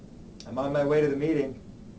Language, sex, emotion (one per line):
English
male
neutral